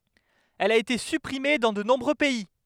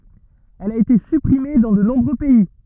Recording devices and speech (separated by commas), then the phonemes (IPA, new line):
headset microphone, rigid in-ear microphone, read sentence
ɛl a ete sypʁime dɑ̃ də nɔ̃bʁø pɛi